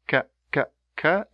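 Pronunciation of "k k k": The k sound is said three times, and each 'k' is a plosive: a sudden release of air, pronounced once, not a continuous sound.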